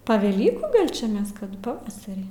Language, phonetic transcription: Lithuanian, pa veˈlykų ˈgal' čia ˈmes ˈkad paˈvasarį

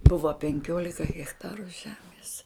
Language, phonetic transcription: Lithuanian, ˈbuva penˈkiolika hechˈtaru ˈžemės

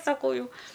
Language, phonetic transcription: Lithuanian, saˈkau ˈjau

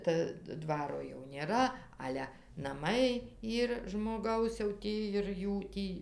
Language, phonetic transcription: Lithuanian, ˈta ˈdvaro jau ˈnėra ˈale naˈmai ˈyr žmoˈgaus jau ˈtį ir ˈjų ˈtį

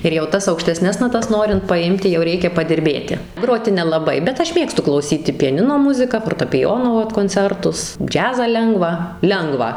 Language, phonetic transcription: Lithuanian, ir jau ˈtas aukšteˈsnes naˈtas ˈnorint paˈimti jau ˈreikia padirˈbėti ˈgroti nelaˈbai bet ˈaš ˈmėgstu klauˈsyti piaˈnino ˈmuzika fortapiˈjono ˈvat konˈcertus ˈdžiazą ˈlengvą ˈlengvą

